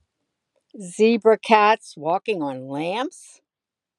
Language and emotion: English, disgusted